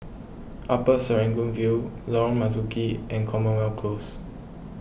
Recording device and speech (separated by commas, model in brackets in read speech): boundary microphone (BM630), read sentence